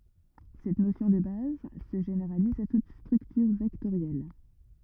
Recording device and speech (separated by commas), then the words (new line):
rigid in-ear microphone, read sentence
Cette notion de base se généralise à toute structure vectorielle.